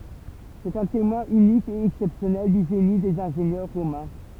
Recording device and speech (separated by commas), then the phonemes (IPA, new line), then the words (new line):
temple vibration pickup, read sentence
sɛt œ̃ temwɛ̃ ynik e ɛksɛpsjɔnɛl dy ʒeni dez ɛ̃ʒenjœʁ ʁomɛ̃
C'est un témoin unique et exceptionnel du génie des ingénieurs romains.